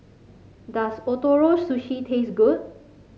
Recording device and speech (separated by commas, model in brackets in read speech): mobile phone (Samsung C5), read sentence